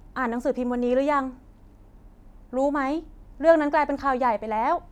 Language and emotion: Thai, neutral